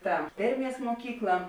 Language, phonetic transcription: Lithuanian, ta ˈderˌmies muoˈkykla

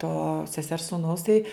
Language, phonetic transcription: Lithuanian, to seˈsers sūˈnaus tai

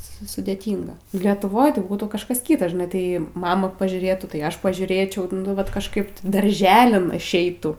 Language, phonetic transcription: Lithuanian, ˈsu sudeˈtynga lietuˈvoj tai ˈbūtų kažˈkas ˈkyta žiˈnai ˈtai ˈmama pažiūˈrėtu tai ˈaš pažiūˈrėčiau nu ˈvat kažˈkaip ti darˈželin išˈeitų

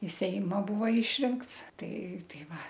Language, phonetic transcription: Lithuanian, i ˈseima ˈbūva ˈišrinkts ˈtai ˈtai ˈva

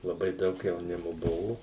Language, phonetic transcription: Lithuanian, laˈbai ˈdaug jauˈnimo ˈbuvu

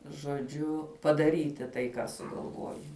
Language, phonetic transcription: Lithuanian, žoˈdžiu padaˈryti tai ką sugalˈvojai

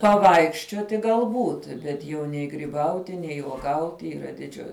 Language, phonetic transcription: Lithuanian, paˈvaikščiuoti galˈbūt ˈbet jau nei griˈbauti nei uoˈgauti yˈra diˈdžiu

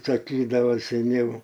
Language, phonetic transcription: Lithuanian, saˈkydavo seˈniau

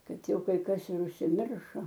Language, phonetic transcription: Lithuanian, ˈkad ˈjau kai ˈkas ir užsiˈmiršo

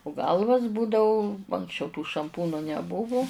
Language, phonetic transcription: Lithuanian, u ˈgalvas ˈbūdau anksˈčiau tų šamˈpūnu neˈbuvu

